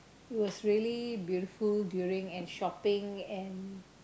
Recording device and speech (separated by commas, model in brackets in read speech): close-talking microphone, conversation in the same room